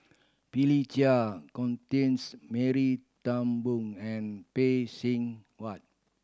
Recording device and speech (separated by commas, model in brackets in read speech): standing microphone (AKG C214), read sentence